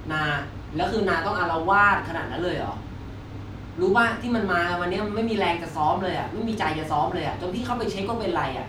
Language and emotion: Thai, frustrated